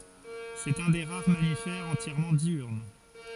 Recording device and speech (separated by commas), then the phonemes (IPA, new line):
forehead accelerometer, read sentence
sɛt œ̃ de ʁaʁ mamifɛʁz ɑ̃tjɛʁmɑ̃ djyʁn